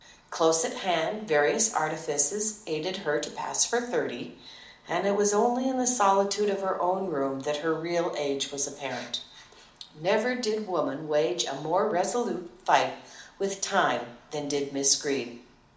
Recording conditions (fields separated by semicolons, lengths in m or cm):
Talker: one person; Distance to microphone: 2.0 m; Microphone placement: close; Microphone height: 99 cm; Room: medium-sized (5.7 m by 4.0 m); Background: none